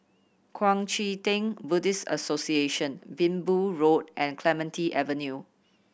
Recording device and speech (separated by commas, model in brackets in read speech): boundary microphone (BM630), read sentence